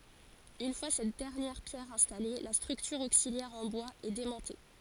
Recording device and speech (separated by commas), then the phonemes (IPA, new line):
forehead accelerometer, read sentence
yn fwa sɛt dɛʁnjɛʁ pjɛʁ ɛ̃stale la stʁyktyʁ oksiljɛʁ ɑ̃ bwaz ɛ demɔ̃te